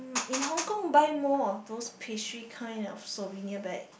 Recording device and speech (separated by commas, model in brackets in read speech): boundary microphone, conversation in the same room